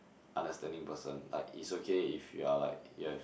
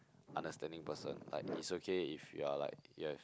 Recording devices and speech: boundary microphone, close-talking microphone, conversation in the same room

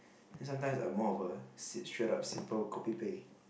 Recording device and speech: boundary microphone, conversation in the same room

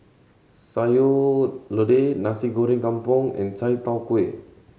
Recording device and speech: mobile phone (Samsung C7100), read sentence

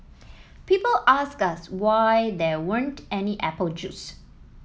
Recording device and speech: mobile phone (iPhone 7), read sentence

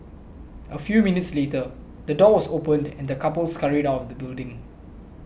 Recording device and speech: boundary microphone (BM630), read sentence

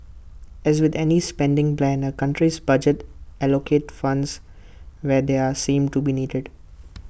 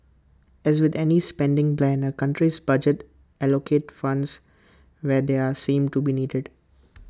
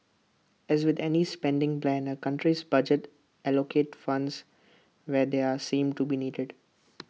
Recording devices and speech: boundary microphone (BM630), close-talking microphone (WH20), mobile phone (iPhone 6), read sentence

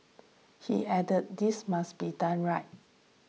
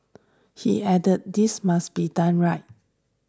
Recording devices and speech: mobile phone (iPhone 6), standing microphone (AKG C214), read sentence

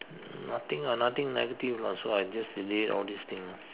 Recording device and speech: telephone, conversation in separate rooms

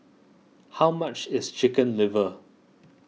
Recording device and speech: mobile phone (iPhone 6), read sentence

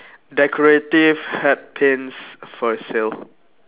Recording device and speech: telephone, conversation in separate rooms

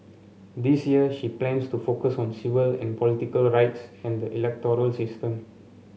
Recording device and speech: mobile phone (Samsung C7), read sentence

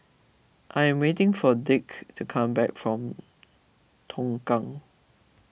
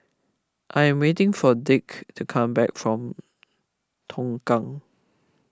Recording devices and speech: boundary microphone (BM630), close-talking microphone (WH20), read sentence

